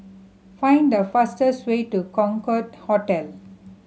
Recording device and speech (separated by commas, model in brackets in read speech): mobile phone (Samsung C7100), read sentence